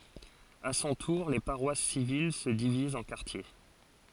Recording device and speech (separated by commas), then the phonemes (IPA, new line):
forehead accelerometer, read sentence
a sɔ̃ tuʁ le paʁwas sivil sə divizt ɑ̃ kaʁtje